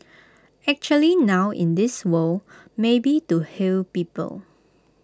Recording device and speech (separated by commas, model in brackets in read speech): close-talking microphone (WH20), read sentence